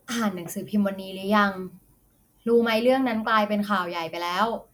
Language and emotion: Thai, neutral